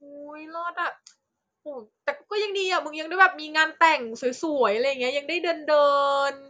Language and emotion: Thai, happy